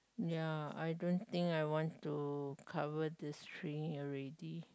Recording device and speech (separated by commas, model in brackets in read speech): close-talking microphone, conversation in the same room